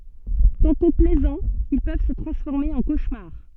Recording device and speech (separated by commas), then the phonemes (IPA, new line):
soft in-ear microphone, read sentence
tɑ̃tɔ̃ plɛzɑ̃z il pøv sə tʁɑ̃sfɔʁme ɑ̃ koʃmaʁ